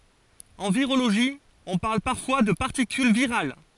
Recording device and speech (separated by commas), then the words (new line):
forehead accelerometer, read sentence
En virologie, on parle parfois de particule virale.